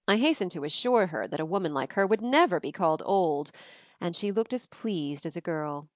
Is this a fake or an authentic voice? authentic